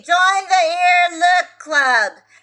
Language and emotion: English, neutral